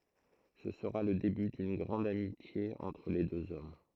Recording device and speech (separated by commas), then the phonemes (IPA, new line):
throat microphone, read sentence
sə səʁa lə deby dyn ɡʁɑ̃d amitje ɑ̃tʁ le døz ɔm